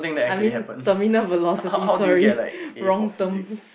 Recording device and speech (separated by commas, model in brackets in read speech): boundary microphone, conversation in the same room